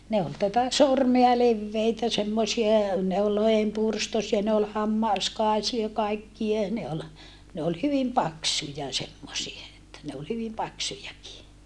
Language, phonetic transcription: Finnish, ne ol tätä sormea levveitä semmosie , ne ol lohempurstosia ne ol hammàskaisia kaikkie ne ol , ne ol hyvim paksuja semmosie että ne ol hyvim paksujaki .
- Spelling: ne oli tätä sormea leveitä semmoisia ne oli lohenpyrstöisiä ne oli hammaskaisia kaikkia ne oli ne oli hyvin paksuja semmoisia että ne oli hyvin paksujakin

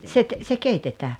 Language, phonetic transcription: Finnish, se ‿k- , se 'keitetää .
- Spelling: se - se keitetään

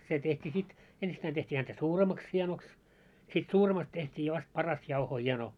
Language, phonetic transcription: Finnish, se tehtii 'sit , 'ensittäin teht́ii häntä "suuremaks hie̬noks , sit 'suuremast teht́ii vast 'parast jauhoo 'hie̬no .
- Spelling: se tehtiin sitten ensittäin tehtiin häntä suuremmaksi hienoksi sitten suuremmasta tehtiin vasta parasta jauhoa hieno

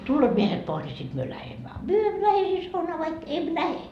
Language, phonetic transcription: Finnish, » 'tulloot 'miehet pois ńi sit myö 'lähemmä a 'myö emmö 'lähe hei saunaa vaik , 'em "lähe .
- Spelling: tulevat miehet pois niin sitten me lähdemme a me emme lähde heidän saunaan vaikka en lähde

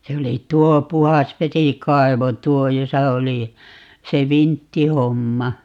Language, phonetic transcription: Finnish, 'se oli 'tuo "puhasvesikaivo "tuo 'josa oli , 'se "vinttihomma .
- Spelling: se oli tuo puhdasvesikaivo tuo jossa oli se vinttihomma

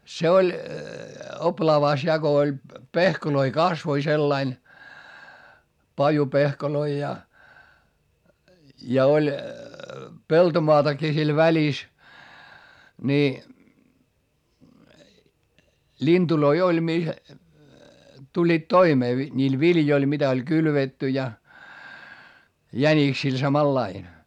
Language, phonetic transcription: Finnish, se oĺ , oplaavàs ja ko oĺ , pehkoloi kasvoi sellain , pajupehkoloi ja , ja oĺ , peltomoatakii sil välis , ni , ĺintuloi oĺ mi- , tuĺĺiit toimee vi- , ńiil viljoil mitä oĺ kylvetty ja , jäniksil samallain .
- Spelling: se oli oplaavassa ja kun oli pehkoja kasvoi sillä lailla pajupehkoja ja ja oli peltomaatakin siellä välissä niin lintuja oli - tulivat toimeen - niillä viljoilla mitä oli kylvetty ja jäniksillä samalla lailla

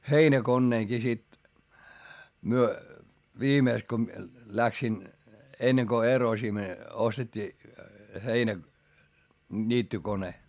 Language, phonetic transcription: Finnish, heinäkonneeŋki sit , myö , viimèks ko ᵐⁱᵉ läksin , enneŋ ko erosim- , ostet́t́ii , heinä- , ńiittykone .
- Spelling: heinäkoneenkin sitten me viimeksi kun minä lähdin ennen kuin - ostettiin - heinäniittokone

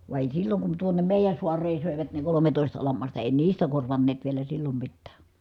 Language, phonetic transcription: Finnish, va èi silloŋ kun tuonem mèijän̬ suareen̬ sö̀evät ne kolometòista lammasta èi niistä korvanneet vielä sillom mittää .
- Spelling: vaan ei silloin kun tuonne meidän saareen söivät ne kolmetoista lammasta ei niistä korvanneet vielä silloin mitään

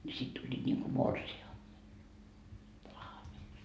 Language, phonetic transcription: Finnish, ńi 'sit tuĺĺiit ńiŋku "morsi₍a- , -lahjaks .
- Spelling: niin sitten tulivat niin kuin - morsianlahjaksi

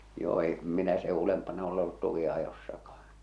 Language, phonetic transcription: Finnish, 'joo 'em minä se "ulempana ole ollut 'tuki₍ajossakahᴀɴ .
- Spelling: joo en minä sen ylempänä ole ollut tukinajossakaan

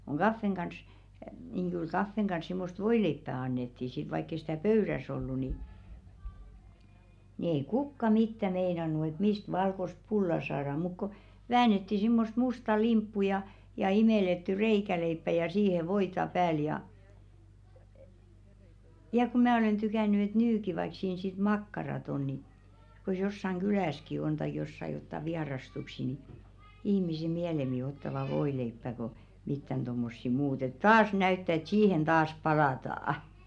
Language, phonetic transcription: Finnish, kuŋ "ɢaffeŋ ɢans , niŋ 'kyl 'kaffeŋ ɢans 'simmost "voileippä 'annettì sit vaikk ‿ei sⁱtä̀ "pöyräs 'ollu ni , nⁱ ‿ei "kukka 'mittä 'meinanu et "mist 'valkost "pulla saara muk ko , 'väänetti simmost 'musta "limppu ja , ja 'imèletty "reikäleippä ja siihe "voita 'pääl ja , ja ku "mää 'olen tykäny et "nyki vaik siin sit "makkarat 'on ni , k̬os 'jossaŋ "ɢylä̀ski 'on taik jossa 'jotta "viarastuksi ni , 'ihmise "miälemi ottava 'voileippä ko , mittän ᴅommossi muut ‿et "taas näyttä et "siihen 'taas "palataa₍ᵃ .
- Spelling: kun kahvin kanssa niin kyllä kahvin kanssa semmoista voileipää annettiin sitten vaikka ei sitä pöydässä ollut niin niin ei kukaan mitään meinannut että mistä valkoista pullaa saadaan mutta kun väännettiin semmoista mustaa limppua ja ja imellettyä reikäleipää ja siihen voita päälle ja ja kun minä olen tykännyt että nytkin vaikka siinä sitten makkarat on niin kun jossakin kylässäkin on tai jossakin jotakin vierastuksia niin ihmiset mieluummin ottavat voileipää kuin mitään tuommoisia muuta että taas näyttää että siihen taas palataan

